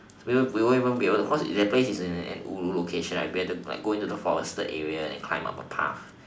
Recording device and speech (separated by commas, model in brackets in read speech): standing microphone, conversation in separate rooms